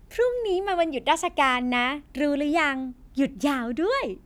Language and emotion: Thai, happy